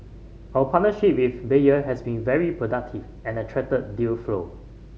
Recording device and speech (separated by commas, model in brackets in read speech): mobile phone (Samsung C5010), read sentence